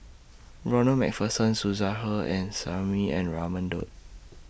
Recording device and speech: boundary microphone (BM630), read sentence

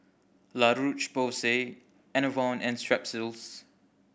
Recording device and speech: boundary microphone (BM630), read sentence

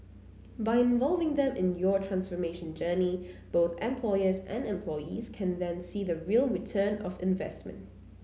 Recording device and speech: mobile phone (Samsung C9), read sentence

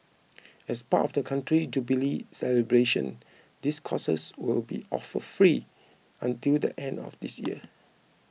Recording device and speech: mobile phone (iPhone 6), read sentence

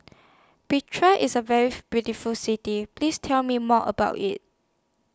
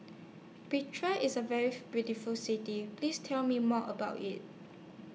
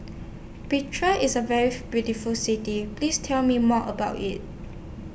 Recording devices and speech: standing microphone (AKG C214), mobile phone (iPhone 6), boundary microphone (BM630), read sentence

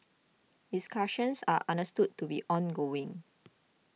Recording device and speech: mobile phone (iPhone 6), read sentence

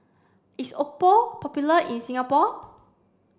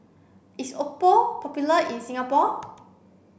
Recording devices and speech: standing microphone (AKG C214), boundary microphone (BM630), read sentence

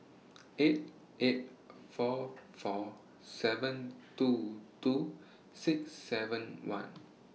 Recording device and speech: mobile phone (iPhone 6), read sentence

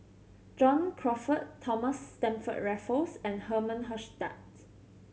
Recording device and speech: mobile phone (Samsung C7100), read sentence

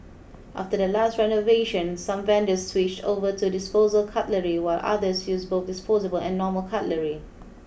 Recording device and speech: boundary microphone (BM630), read sentence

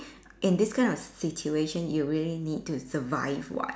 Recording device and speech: standing microphone, conversation in separate rooms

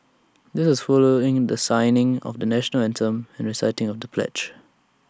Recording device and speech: standing microphone (AKG C214), read sentence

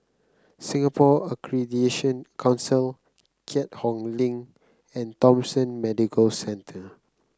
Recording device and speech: close-talking microphone (WH30), read sentence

